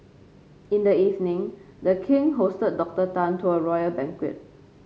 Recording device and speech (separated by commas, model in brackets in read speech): mobile phone (Samsung C5), read sentence